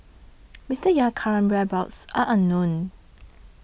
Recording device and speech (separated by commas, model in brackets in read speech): boundary microphone (BM630), read sentence